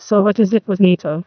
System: TTS, neural waveform model